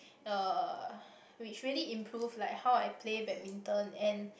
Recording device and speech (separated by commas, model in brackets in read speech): boundary microphone, conversation in the same room